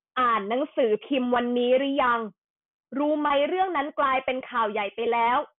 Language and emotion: Thai, angry